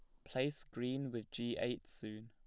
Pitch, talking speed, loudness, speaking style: 120 Hz, 180 wpm, -42 LUFS, plain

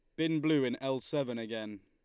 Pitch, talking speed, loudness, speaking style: 130 Hz, 220 wpm, -33 LUFS, Lombard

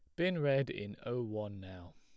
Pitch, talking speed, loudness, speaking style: 110 Hz, 205 wpm, -36 LUFS, plain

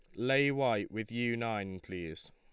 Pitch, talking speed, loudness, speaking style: 110 Hz, 170 wpm, -34 LUFS, Lombard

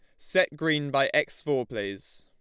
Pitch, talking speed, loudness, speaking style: 150 Hz, 180 wpm, -27 LUFS, Lombard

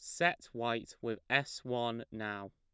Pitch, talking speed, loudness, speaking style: 115 Hz, 155 wpm, -36 LUFS, plain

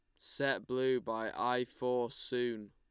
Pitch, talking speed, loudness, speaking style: 125 Hz, 145 wpm, -35 LUFS, Lombard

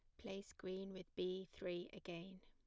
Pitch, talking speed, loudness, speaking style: 185 Hz, 160 wpm, -49 LUFS, plain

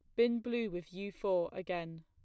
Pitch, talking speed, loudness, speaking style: 185 Hz, 195 wpm, -36 LUFS, plain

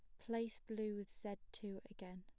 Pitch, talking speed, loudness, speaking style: 205 Hz, 185 wpm, -48 LUFS, plain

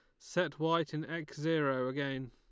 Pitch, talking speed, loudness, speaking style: 155 Hz, 170 wpm, -35 LUFS, Lombard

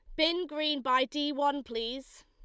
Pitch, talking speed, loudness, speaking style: 285 Hz, 175 wpm, -30 LUFS, Lombard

